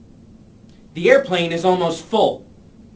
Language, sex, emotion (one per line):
English
male
angry